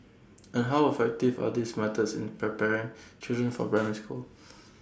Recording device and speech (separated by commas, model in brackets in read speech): standing microphone (AKG C214), read sentence